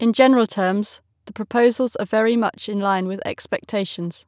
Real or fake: real